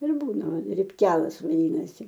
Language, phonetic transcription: Lithuanian, ir ˈbūna ripˈkelas vaˈdynasi

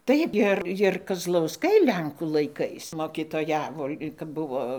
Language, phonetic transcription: Lithuanian, ˈtaip ir ir kazlauˈskai ˈlenkų laiˈkais mokitoˈjavo kap ˈbuvo

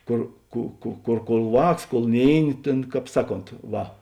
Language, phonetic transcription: Lithuanian, ˈkor ˈkų ˈkų ˈkor ˈvāks kol ˈnėiˌni ˈtėn ˈkāp ˈsaˌkont ˈva

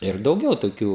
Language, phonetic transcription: Lithuanian, ir dauˈgiau toˈkių

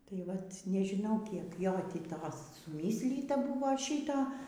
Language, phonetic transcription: Lithuanian, tai ˈvat nežiˈnau kiek ˈjo tį ˈtos suˈmyslyta ˈbuvo ˈšyto

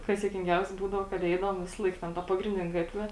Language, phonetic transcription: Lithuanian, ˈkas juokinˈgiausia ˈbūdavo kad ˈeidavom ˈvisalaik ˈten ˈta pagrinˈdine ˈgatve

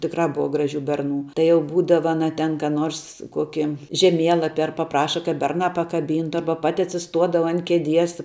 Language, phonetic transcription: Lithuanian, tikˈrā ˈbuva ˈgraˌžių ˈberˌnų tai jau ˈbūdava aˈna ten ką ˈnors ˈkoki žeˈmielapi ar paˈpraša kad ˈbernā pakaˈbyntu ˈarba ˈpati atsiˈstuodava an keˈdies

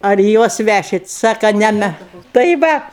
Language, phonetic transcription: Lithuanian, ar i ˈjuos ˈvæšit ˈsaka ˈne me tai ˈvat

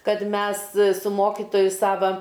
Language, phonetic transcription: Lithuanian, ˈkad ˈmes su ˈmokitoju ˈsava

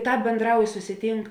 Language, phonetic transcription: Lithuanian, ˈtāp bėnˈdrauj susiˈtynk

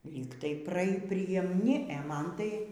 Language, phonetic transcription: Lithuanian, lyg tai ˈpra priemˈni e ˈman tai

